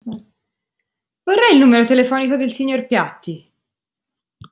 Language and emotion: Italian, angry